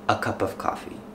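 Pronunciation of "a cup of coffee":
In 'a cup of coffee', the words are linked, flowing together with no breaks between them.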